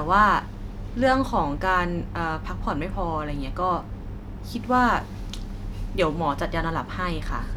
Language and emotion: Thai, neutral